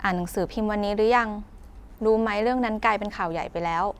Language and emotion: Thai, neutral